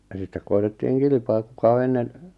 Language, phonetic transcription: Finnish, ja 'sittek koi̬tettiiŋ 'kilⁱpaa 'kuka o 'ennen ,.
- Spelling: ja sitten koetettiin kilpaa kuka on ennen

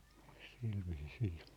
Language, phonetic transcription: Finnish, silviisii .
- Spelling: sillä viisiin

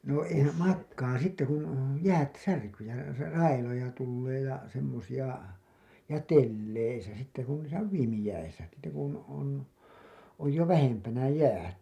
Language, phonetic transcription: Finnish, no eihä- , "makkaa sitte kun , 'jäät 'särkyy ja , ra- , 'railoja tullee ja , semmosiʲa , ja 'telleisä sitte ku niisä on , "viimijäisä , sitte kun on , oj jo "vähempänä "jäät .
- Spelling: no eihän makaa sitten kun jäät särkyy ja - railoja tulee ja semmoisia ja teleissä sitten kun niissä on viimeisiä sitten kun on on jo vähempänä jäät

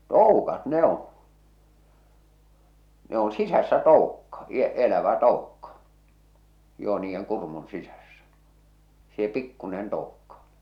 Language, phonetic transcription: Finnish, tòukat 'ne ‿on̬ , ne on 'sisässä 'tòukka , i- , elävä 'toukka , joo niijjeŋ 'kurmun 'sisässä , see 'pikkunen 'toukka .
- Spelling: toukat ne on ne on sisässä toukka - elävä toukka joo niiden kurmun sisässä se pikkuinen toukka

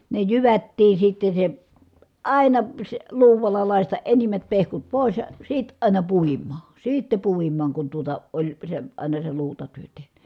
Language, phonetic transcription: Finnish, ne jyvättii sitte se , àina , sᵉ , luuvalla làistaʼ ʼenimmät pehkut pòis ja , sit ài̮na puim̀aa , siitte puim̀aaŋ kun tuota , oĺ , se , àina se luutatyön̬ teh(ny) .
- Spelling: ne jyvättiin sitten se aina se luudalla lakaista enimmät pehkut pois ja sitten aina puimaan sitten puimaan kun tuota oli se aina se luutatyön tehnyt

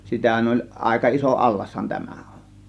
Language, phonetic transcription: Finnish, 'sitähän oĺ , 'ˀàėka 'iso "ˀallashan 'tämÄ ON̬ .
- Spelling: sitähän oli aika iso allashan tämä on

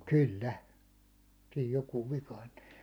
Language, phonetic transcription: Finnish, 'kyl"lä , siij 'jokuuv vikaintᴜ .
- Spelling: kyllä siinä joku vikaantui

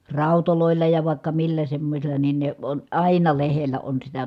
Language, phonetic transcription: Finnish, ràu̬tolòilla ja vài̮kka millä semmosil̀a nin ne on àina lehellä on sitä .
- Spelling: raudoilla ja vaikka millä semmoisilla niin ne on aina lehdellä on sitä

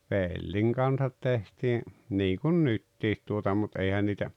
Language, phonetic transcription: Finnish, pèlliŋ kansat 'tehtii , "niikun "nyttit tuota mut '’eihän niitä ,.
- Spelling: pellin kanssa tehtiin niin kuin nyt tuota mutta eihän niitä

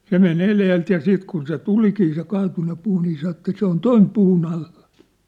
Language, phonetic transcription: Finnish, 'se me'n ‿eleelt ja 'siit kun se 'tulikii se 'kaatunne 'puu nii sa että » 'se ‿on "toim 'puu'n ‿allᴀ . «
- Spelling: se meni edeltä ja sitten kun se tulikin se kaatunut puu niin sanoi että se on tuon puun alla

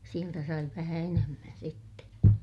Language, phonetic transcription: Finnish, sieltä sai vähä enemmän sitte .
- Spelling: sieltä sai vähän enemmän sitten

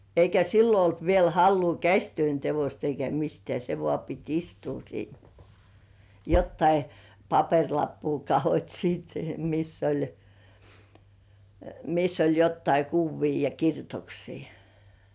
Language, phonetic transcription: Finnish, eikä 'sillo olt viel 'halluu "käśtyön tevost eikä 'mistĕä§ se 'vŏ§à pit "istuu siin , 'jottai , "papeŕlappuu 'kahot́ siit miss ‿oĺ , miss ‿oĺ jottai "kuvvii ja 'kirjutoksii .
- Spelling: eikä silloin ollut vielä halua käsityön teosta eikä mistään se vain piti istua siinä jotakin paperilappua katsot sitten missä oli missä oli jotakin kuvia ja kirjoituksia

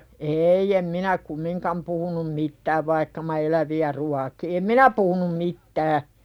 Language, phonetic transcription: Finnish, 'eei em "minä 'kummiŋkam puhunum 'mittäv vaikka ma "elävi₍ä ruaki ̳ em "minä puhunum mit'tää .
- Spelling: ei en minä kumminkaan puhunut mitään vaikka minä eläviä ruokin en minä puhunut mitään

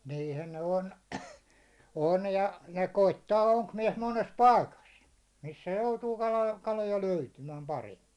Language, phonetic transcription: Finnish, 'niihän ne 'on , 'on ja , ja 'koittaa 'oŋkmiɛs 'mones "paikas , missä 'joutuu kala- 'kaloja löytymääm 'paremmi .
- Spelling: niinhän ne on on ja ja koettaa onkimies monessa paikassa missä joutuu - kaloja löytymään paremmin

